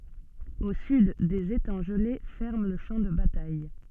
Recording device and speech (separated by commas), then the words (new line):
soft in-ear microphone, read sentence
Au sud, des étangs gelés ferment le champ de bataille.